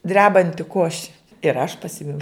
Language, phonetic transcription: Lithuanian, ˈdrebanti ˈkoši ir aš paˈsimiau

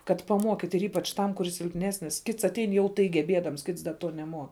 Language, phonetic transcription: Lithuanian, kad paˈmuokit' ir ˈypač ˈtam kuˈris silpˈnesnis ˈkits atˈein jau ˈtai geˈbiedams ˈkits da ˈtuo neˈmuo

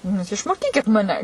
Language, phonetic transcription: Lithuanian, nu ˈjūs išmoˈkykit ˈmane

